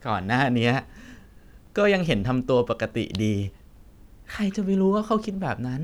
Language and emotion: Thai, happy